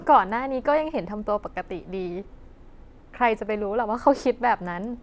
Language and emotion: Thai, happy